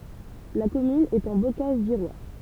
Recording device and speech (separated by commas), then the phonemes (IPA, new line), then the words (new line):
temple vibration pickup, read sentence
la kɔmyn ɛt ɑ̃ bokaʒ viʁwa
La commune est en Bocage virois.